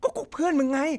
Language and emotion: Thai, angry